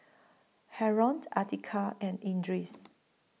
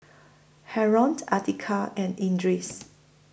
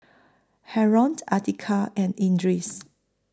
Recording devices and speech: mobile phone (iPhone 6), boundary microphone (BM630), close-talking microphone (WH20), read sentence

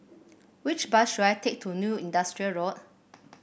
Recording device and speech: boundary microphone (BM630), read sentence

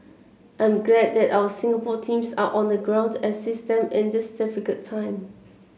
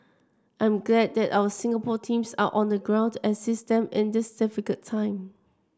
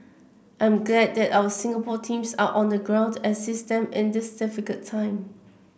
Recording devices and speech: mobile phone (Samsung C7), standing microphone (AKG C214), boundary microphone (BM630), read sentence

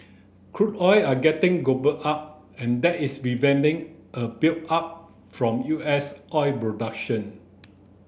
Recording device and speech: boundary microphone (BM630), read sentence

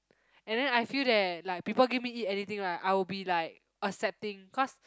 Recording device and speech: close-talking microphone, conversation in the same room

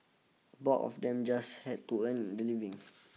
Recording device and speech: mobile phone (iPhone 6), read sentence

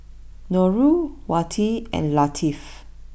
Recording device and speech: boundary microphone (BM630), read sentence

